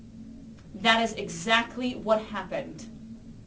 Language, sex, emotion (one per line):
English
female
angry